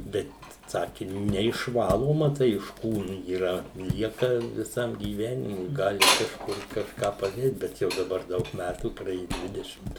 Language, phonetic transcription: Lithuanian, ˈbet ˈsaki neišˈvaloma ˈtai iš ˈkūnu yˈra ˈlieka viˈsam gyˈvenimui ˈgali kažˈkur kažˈką paˈdėt ˈbet ˈjau daˈbar ˈdaug ˈmætų praˈėju ˈdvidešimt

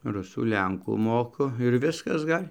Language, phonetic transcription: Lithuanian, ˈrusų ˈlenkų ˈmoku ir ˈviskas ˈgal'

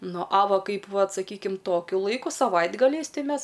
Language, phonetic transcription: Lithuanian, ˈnu a ˈva ˈkaip ˈvat saˈkykim ˈtokiu ˈlaiku saˈvaitgaliais ˈtai ˈmes

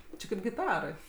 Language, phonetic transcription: Lithuanian, ˈči kaip giˈtarai

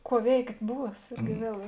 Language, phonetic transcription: Lithuanian, ˈkuo ˈveikt' ˈbūs ˈirgi ˈviel

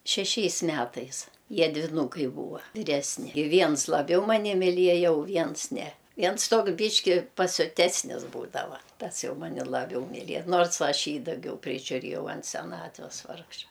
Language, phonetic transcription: Lithuanian, šeˈšiais ˈmætais ˈjie dviˈnūkai ˈbūva viˈresni i ˈviens laˈbiau maˈni miˈlieja u ˈviens ne ˈviens ˈtoks ˈbyški pasiuˈtesnis ˈbūdava ˈtas ˈjau ˈmani laˈbiau miˈlie ˈnors ˈaš ˈjį daˈgiau prižiuˈrėjau ant seˈnatves ˈvargša

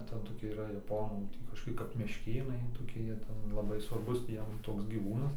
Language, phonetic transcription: Lithuanian, ˈten toˈkie yˈra jaˈponų ˈtį kažkoˈki kap mešˈkėnai toˈki ˈjie ˈten laˈbai svarˈbus tį ˈjiem ˈtoks gyˈvūnas

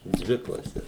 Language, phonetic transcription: Lithuanian, ˈdvi klaˈses

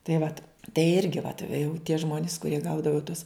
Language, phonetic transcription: Lithuanian, tai ˈvat tai ˈirgi vat ve jau tie ˈžmonis kuˈrie ˈgaudavo tus

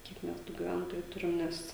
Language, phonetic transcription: Lithuanian, ˈkiek ˈmes tų giˈventojų ˈturim ˈnes

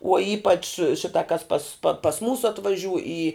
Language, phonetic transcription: Lithuanian, uo ˈypač ˈšita kas pas pa pas ˈmūsu atvaˈžiūj į

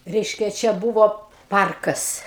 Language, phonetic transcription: Lithuanian, ˈreiškia ˈčia ˈbūvo ˈparkas

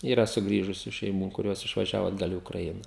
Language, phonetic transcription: Lithuanian, yˈra suˈgrįžusiu šeiˈmų kuˈrios išvaˈžiavo atˈgal į ukraˈiną

